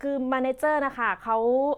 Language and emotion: Thai, neutral